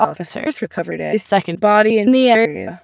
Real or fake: fake